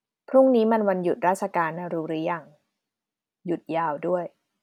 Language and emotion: Thai, neutral